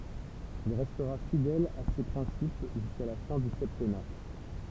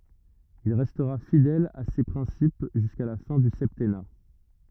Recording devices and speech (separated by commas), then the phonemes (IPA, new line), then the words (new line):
temple vibration pickup, rigid in-ear microphone, read sentence
il ʁɛstʁa fidɛl a se pʁɛ̃sip ʒyska la fɛ̃ dy sɛptɛna
Il restera fidèle à ces principes jusqu'à la fin du septennat.